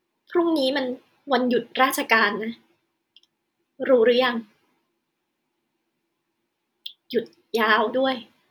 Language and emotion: Thai, sad